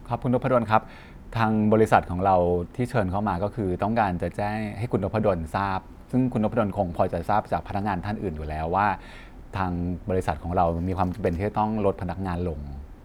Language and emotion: Thai, neutral